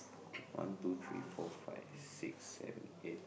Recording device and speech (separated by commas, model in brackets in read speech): boundary microphone, conversation in the same room